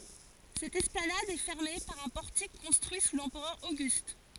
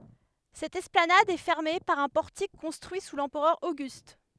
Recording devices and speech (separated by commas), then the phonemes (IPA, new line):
forehead accelerometer, headset microphone, read sentence
sɛt ɛsplanad ɛ fɛʁme paʁ œ̃ pɔʁtik kɔ̃stʁyi su lɑ̃pʁœʁ oɡyst